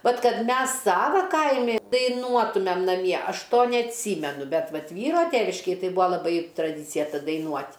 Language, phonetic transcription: Lithuanian, ˈvat ˈkad ˈmes ˈsava ˈkaimi daiˈnuotumem naˈmie ˈaš ˈto neatˈsymenu ˈbet ˈvat ˈvyro ˈteviškėj ˈtai ˈbūa laˈbai traˈdycija daiˈnuot'

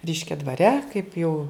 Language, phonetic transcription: Lithuanian, ˈreiškia dvaˈre kaip jau

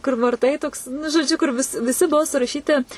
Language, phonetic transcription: Lithuanian, kur varˈtai toks nu žoˈdžiu kur vis viˈsi ˈbuvo suraˈšyti

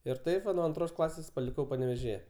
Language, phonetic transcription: Lithuanian, ir ˈtaip va nuo anˈtros ˈklasės paliˈkau panevėžiˈje

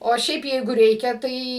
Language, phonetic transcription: Lithuanian, o ˈšiaip ˈjeigu ˈreikia ˈtai

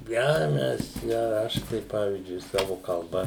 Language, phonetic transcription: Lithuanian, ˈjau ˈmes jau ˈaš tai ˈpavyzdžiui ˈsavu kalˈba

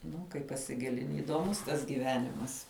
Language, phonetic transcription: Lithuanian, ˈnu kai pasiˈgilini įdoˈmus tas gyˈvenimas

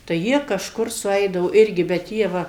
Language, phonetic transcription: Lithuanian, tai ˈjie kažˈkur suˈeidavo ˈirgi bet ˈjie ˈva

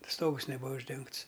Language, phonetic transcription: Lithuanian, ˈstogus neˈbūa užˈdengts

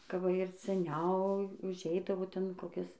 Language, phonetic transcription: Lithuanian, ka ˈva ir seˈniau užˈeidavo ˈten koˈkis

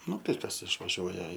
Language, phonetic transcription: Lithuanian, ˈnu tai ˈkas išvaˈžiuoja

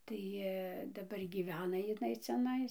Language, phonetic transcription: Lithuanian, ˈtai daˈbar gyˈvena iˈnai ciaˈnais

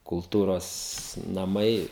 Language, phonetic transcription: Lithuanian, kulˈtūros naˈmai

